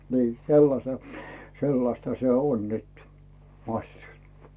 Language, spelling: Finnish, niin sellaisen sellaista se on nyt massut
- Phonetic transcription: nii , 'sellase , 'sellasta se "on 'nyt , 'maśśut .

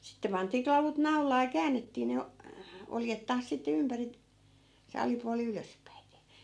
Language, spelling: Finnish, sitten pantiin klavut naulaan ja käännettiin ne oljet taas sitten ympäri se alipuoli ylöspäiten
- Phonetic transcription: 'sitte pantii 'klavut "nau̬laa ja 'käännettii ne , 'oljet taas sitte 'ympäri , se 'alipuali "ylöspäite .

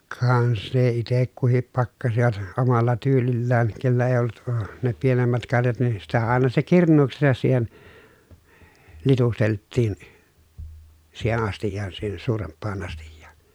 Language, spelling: Finnish, ka sen itse kukin pakkasivat omalla tyylillään kenellä ei ollut - ne pienemmät karjat niin sitä aina se kirnuuksensa siihen litusteltiin siihen astiaan siihen suurempaan astiaan
- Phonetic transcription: kaa se itek kuhip pakkasivat , omalla tyylillään , kellä èi̮ ollut əə , ne pienemmät karjat nii sitä àena se kirǹuuksesas siihen , litustelttiin , siihen ‿astijjaan siihen suuremppaan ‿astijjAA .

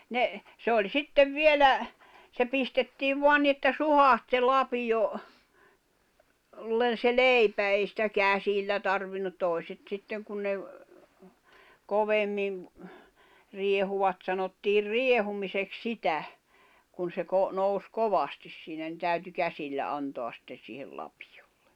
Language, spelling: Finnish, ne se oli sitten vielä se pistettiin vain niin että suhahti se lapio - se leipä ei sitä käsillä tarvinnut toiset sitten kun ne - kovemmin riehuivat sanottiin riehumiseksi sitä kun se - nousi kovasti siinä no täytyi käsillä antaa sitten siihen lapiolla
- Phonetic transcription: 'ne , se oĺ "sittev "vielä , se pistettiiv 'voan ni että "suhaht se "lapiʲo , -l̀en se "leipä 'ei sⁱtä "käsillä 'tarvin̆nut tòi̬set 'sitteŋ kun ne ‿v- , 'kovemmim , 'riehuwat sanottiir "riehumisek "sitä , kun̬ se ko- , nous 'kovastis siinä nⁱ 'täyty 'käsillä 'antoas sⁱtte siihel 'lapɪᴊᴏʟʟᴇ .

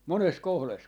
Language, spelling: Finnish, monessa kohdassa
- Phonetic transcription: "mones 'kohles .

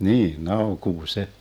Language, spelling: Finnish, niin naukuu se
- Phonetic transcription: 'nii , 'naukuu 'se .

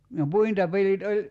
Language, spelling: Finnish, no puintipelit oli
- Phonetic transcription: no "puintapelit oĺ ,.

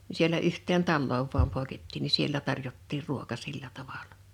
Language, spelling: Finnish, niin siellä yhteen taloon vain poikettiin niin siellä tarjottiin ruoka sillä tavalla
- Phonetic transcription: ni sielä 'uhtteen "talloov vuam pòḙkettiin ni 'siellä 'tarjottiir 'ruoka 'sillä 'tavalᴀ .

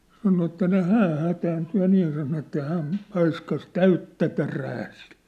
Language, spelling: Finnish, sanoi että niin hän hätääntyi ja niin ja sanoi että hän paiskasi täyttä terää sille
- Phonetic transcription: sano että ni̬i̬ 'hääʰ hätäänty ja 'niij ja sano että 'hääm̳ , 'paiskas "täyttä "terää siʟ .

